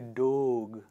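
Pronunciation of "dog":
'dog' is pronounced incorrectly here.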